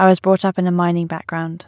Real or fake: real